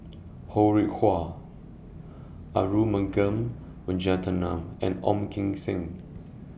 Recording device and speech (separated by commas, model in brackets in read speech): boundary microphone (BM630), read sentence